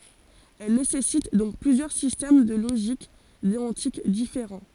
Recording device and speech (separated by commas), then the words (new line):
forehead accelerometer, read sentence
Elle nécessite donc plusieurs systèmes de logique déontique différents.